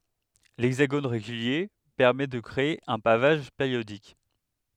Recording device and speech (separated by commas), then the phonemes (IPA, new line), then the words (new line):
headset microphone, read sentence
lɛɡzaɡon ʁeɡylje pɛʁmɛ də kʁee œ̃ pavaʒ peʁjodik
L'hexagone régulier permet de créer un pavage périodique.